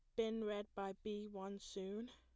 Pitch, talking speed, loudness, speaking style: 205 Hz, 190 wpm, -46 LUFS, plain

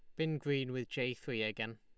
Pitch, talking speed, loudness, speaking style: 125 Hz, 230 wpm, -37 LUFS, Lombard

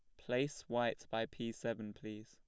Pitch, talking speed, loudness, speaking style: 115 Hz, 175 wpm, -41 LUFS, plain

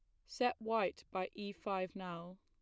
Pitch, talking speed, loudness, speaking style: 195 Hz, 165 wpm, -40 LUFS, plain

